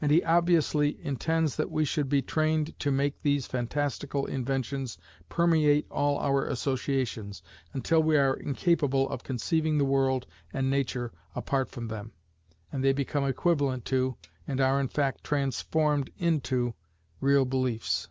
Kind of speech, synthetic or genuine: genuine